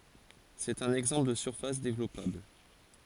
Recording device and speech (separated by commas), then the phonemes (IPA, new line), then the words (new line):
forehead accelerometer, read sentence
sɛt œ̃n ɛɡzɑ̃pl də syʁfas devlɔpabl
C'est un exemple de surface développable.